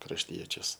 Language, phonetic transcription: Lithuanian, krašˈtiečius

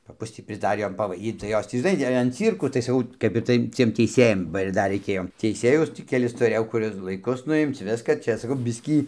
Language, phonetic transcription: Lithuanian, paˈpus tį prisˈdarį ˈjom pavaiˈdyt tai ˈjos tį žiˈnai an ˈcyrkų tai saˈkau kap ir ˈtai ciem teiˈsėjam ba ir ˈdar reiˈkėjo teiˈsėjus ˈtį keˈlis tuˈrėjau ˈkur ir laiˈkus nuˈimc ˈviska ˈčia saˈkau ˈ biskį

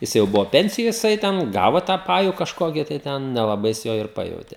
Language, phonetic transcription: Lithuanian, ˈjis jau ˈbuvo ˈpensijoj jiˈsai ten ˈgavo tą ˈpaju kažˈkokį tai ˈten nelaˈbai jis ˈjo ir ˈpajautė

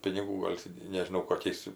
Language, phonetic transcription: Lithuanian, piniˈgų ˈgol' ti nežiˈnau koˈkiais

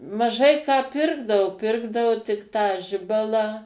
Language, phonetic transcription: Lithuanian, maˈžai ką ˈpirkdavo ˈpirkdavo tik ˈtą ˈžibalą

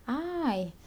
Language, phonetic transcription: Lithuanian, ˈai

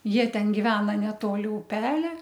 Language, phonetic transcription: Lithuanian, ˈjie ˈten giˈvena neˈtoli uˈpelia

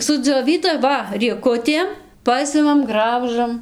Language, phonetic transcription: Lithuanian, sudzioˈvyda ˈva rieˈkutėm ˈpasimam ˈgraužam

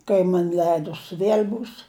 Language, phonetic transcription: Lithuanian, kai ˈman' ˈleidus ˈviel' ˈbūs

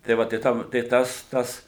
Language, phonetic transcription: Lithuanian, tai ˈva tai ˈtam tai ˈtas ˈtas

